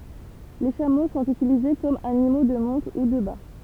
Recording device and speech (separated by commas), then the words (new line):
temple vibration pickup, read sentence
Les chameaux sont utilisés comme animaux de monte ou de bât.